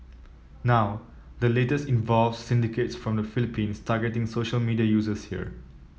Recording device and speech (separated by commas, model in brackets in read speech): mobile phone (iPhone 7), read sentence